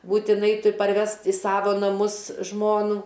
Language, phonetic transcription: Lithuanian, būtiˈnai ˈtur' parˈvest i ˈsavo naˈmus ˈžmonų

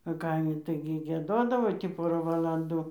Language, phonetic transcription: Lithuanian, a ˈkaimi ˈtaigi gieˈdodavo tį ˈporą valanˈdų

